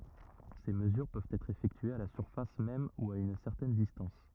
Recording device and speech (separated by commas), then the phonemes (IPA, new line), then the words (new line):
rigid in-ear microphone, read sentence
se məzyʁ pøvt ɛtʁ efɛktyez a la syʁfas mɛm u a yn sɛʁtɛn distɑ̃s
Ces mesures peuvent être effectuées à la surface même ou à une certaine distance.